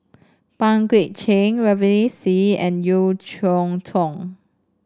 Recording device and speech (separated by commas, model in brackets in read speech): standing microphone (AKG C214), read sentence